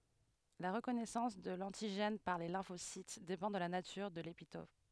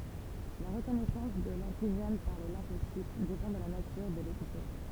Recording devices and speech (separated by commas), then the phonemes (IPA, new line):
headset microphone, temple vibration pickup, read sentence
la ʁəkɔnɛsɑ̃s də lɑ̃tiʒɛn paʁ le lɛ̃fosit depɑ̃ də la natyʁ də lepitɔp